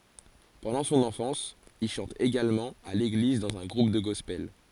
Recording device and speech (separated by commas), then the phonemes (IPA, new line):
forehead accelerometer, read sentence
pɑ̃dɑ̃ sɔ̃n ɑ̃fɑ̃s il ʃɑ̃t eɡalmɑ̃ a leɡliz dɑ̃z œ̃ ɡʁup də ɡɔspɛl